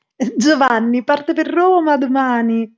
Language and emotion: Italian, happy